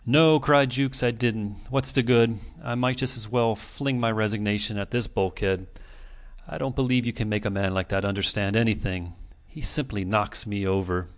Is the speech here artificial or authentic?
authentic